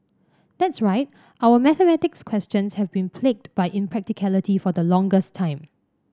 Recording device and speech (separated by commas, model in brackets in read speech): standing microphone (AKG C214), read sentence